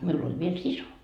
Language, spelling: Finnish, minulla oli vielä sisko
- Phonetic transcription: 'miul ‿oĺ viel "siso .

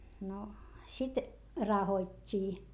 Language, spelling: Finnish, no sitten rahottiin
- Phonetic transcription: no , sit , rahot́t́ii .

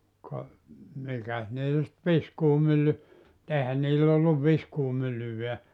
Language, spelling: Finnish, ka mikäs niillä sitten viskuumylly eihän niillä ollut viskuumyllyäkään
- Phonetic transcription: ka , 'mikäs niil sit 'viskuumylly , '’èihän niill ‿olluv "viskuumyllyveä .

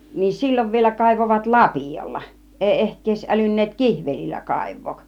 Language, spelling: Finnish, niin silloin vielä kaivoivat lapiolla ei ehkä edes älynneet kihvelillä kaivaa
- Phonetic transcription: niin "sil͕l͕ov vielä kàivovat "lapìjolla , 'èi ehk ‿ies 'älyn̆neet "kihvelillä "kàiv̆vook .

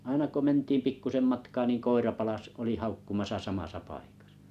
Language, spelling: Finnish, aina kun mentiin pikkuisen matkaa niin koira palasi oli haukkumassa samassa paikassa
- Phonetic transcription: 'aina ko 'mentiim 'pikkusem matkaa niiŋ 'koira 'palas oli 'haukkumasa 'samasa 'paikᴀsᴀ .

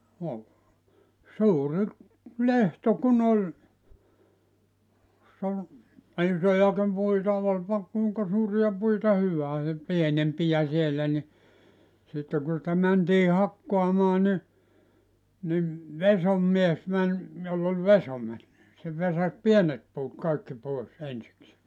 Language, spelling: Finnish, no suuri lehto kun oli jos oli isojakin puita olipa kuinka suuria puita hyvään ja pienempiä siellä niin sitten kun niitä mentiin hakkaamaan niin niin vesoinmies meni jolla oli vesoimet niin se vesasi pienet puut kaikki pois ensikseen
- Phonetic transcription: no , 'suurⁱ , "lehto kun ‿oĺ , (jos)s ‿ol , "isojakim 'puita olpa , 'kùiŋka 'suuria 'puita "hyvää ja , 'pienempijä siellä ni , sitte ku nitä 'mäntii 'hakkoamaa ni , nim , "vesommies 'mäń , joll ‿ol "veso(met nii) , se 'vesas "pienet puut 'kaikki 'pòes 'ensiksee .

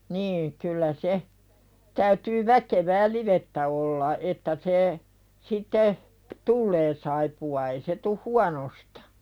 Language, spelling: Finnish, niin kyllä se täytyy väkevää livettä olla että se sitten tulee saippua ei se tule huonosta
- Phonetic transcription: nii , kyllä se , täytyy "väkevää 'livettä olla 'että se , sitte , "tullee saipu₍a ei se tuh "huanostᴀ .

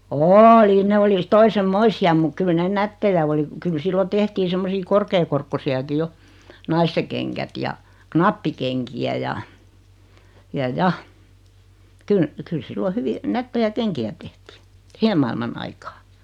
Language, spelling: Finnish, oli ne oli toisenlaisia mutta kyllä ne nättejä oli kyllä silloin tehtiin semmoisia korkeakorkoisiakin jo naisten kengät ja nappikenkiä ja ja ja - kyllä silloin hyvin nättejä kenkiä tehtiin siihen maailman aikaan
- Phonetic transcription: ooli 'ne oli , "toisem"moisi₍am muk 'kyl 'nen "nättejä (v)oli , kyl 'sillo 'tehtii semmosii 'korkee-korkkosi₍aki 'jo , "naiste keŋkät ja , "knappikeŋki₍ä ja , 'ja "ja , ky- , kyl 'sillo "hyvi , 'nättejä "keŋki₍ä tehtii , 'sihem mailman 'aikaa .

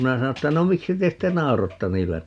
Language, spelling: Finnish, minä sanoin että no miksi te sitten nauroitte niillä
- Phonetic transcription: 'minä 'sano ‿ttä » 'no 'miksi te 'sitte "naorotta 'niillä » .

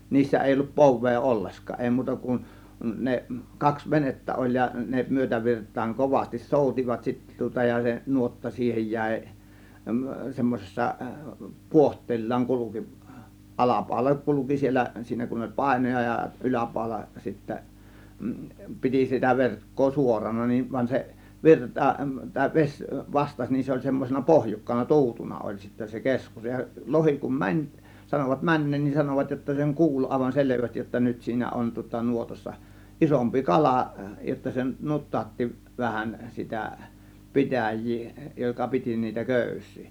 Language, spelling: Finnish, niissä ei ollut povea ollenkaan ei muuta kuin ne kaksi venettä oli ja ne myötävirtaan kovasti soutivat sitten tuota ja se nuotta siihen jäi semmoisessa puohteellaan kulki alapaula kulki siellä siinä kun oli painoja ja yläpaula sitten piti sitä verkkoa suorana niin vaan se virta tai vesi vastasi niin se oli semmoisena pohjukkana tuutuna oli sitten se keskus ja lohi kun meni sanoivat menneen niin sanoivat jotta sen kuuli aivan selvästi jotta nyt siinä on tuota nuotassa isompi kala jotta se nutautti vähän sitä pitäjää joka piti niitä köysiä
- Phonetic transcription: 'niissä èi ollup "pov̆vee "ollesk̀aa , 'èi 'muuta kun , 'ne , 'kaks "venettä oĺ ja ne 'myötävirt̆taaŋ 'kovastis "sòut͕ivat sittä tŭŏta ja se 'nuotta 'siihej 'jä̀ė , 'semmosessa , "puoht̆teellaaŋ 'kuluki , "ˀalapàȯla 'kuluki 'siel̆lä , 'siinä kun oĺ "pàėnoja ja 'ˀyläpàȯla sittä , 'piti sitä verk̀koo "suorana nin vań se , "virta , tàė 'veś , "vastaś nin se oĺ semmosena "pohjukkana , "tu̬utuna oĺ sittä se "keskus ja 'lohi kum "mäń , sanovat "mäǹneen nin 'sanovat jotta seŋ "kuul àėvan "selevästij jotta 'nyt siinä on tŭŏta 'nuotassa , 'ˀisompi "kalà , jotta se ('nuttaatti) vähän sitä , "pitäj̆jii joka 'piti niitä "kö̀ys̆sii .

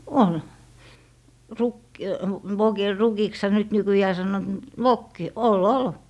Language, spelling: Finnish, oli - vokilla rukiksihan nyt nykyään sanovat mutta vokki oli oli
- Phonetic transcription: 'ol , ruk- , 'vokil "rukiksha nyt 'nykyjää sannoot mut , "vokki 'o"l ‿ol .

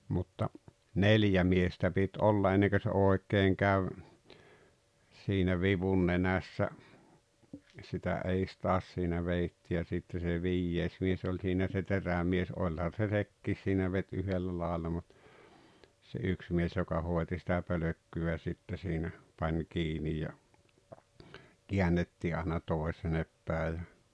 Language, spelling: Finnish, mutta neljä miestä piti olla ennen kun se oikein kävi siinä vivun nenässä sitä edes taas siinä vedettiin ja sitten se viides mies oli siinä se terämies olihan se sekin siinä veti yhdellä lailla mutta se yksi mies joka hoiti sitä pölkkyä sitten siinä pani kiinni ja käännettiin aina toisin päin ja
- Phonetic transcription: mutta , "neljä miestä pit 'olla 'enneŋkö se 'òek̆keeŋ käv , siinä 'vivun 'nenässä , sitä 'eis taas siinä 'veitti ja sitte se "viijjees 'mies oĺ siinä se "terämies 'oĺhan̬ se "sekkiis siinä 'vet́ 'yhellä laaᵉlla mut , se 'yks mies joka 'hòeti sitä 'pölökky₍ä sitte siinä , 'pań 'kiinij ja , 'kiännettii àena 'tòesenep pä̀e ja ,.

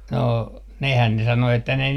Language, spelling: Finnish, no nehän ne sanoi että ne
- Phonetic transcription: no , 'nehän 'ne 'sano että ne ,.

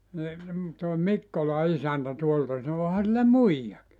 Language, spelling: Finnish, niin tuo Mikkolan isäntä tuolta sanoi onhan sillä muijakin
- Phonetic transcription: ni , tòe "Mikkola 'isäntä 'tuolta sano » 'oha sillä "muijjaki « .

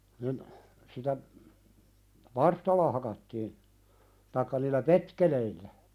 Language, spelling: Finnish, niin sitä varstalla hakattiin tai niillä petkeleillä
- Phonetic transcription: nin , sitä , "varstalla hakattiin , taikka niillä "petkeleillä .

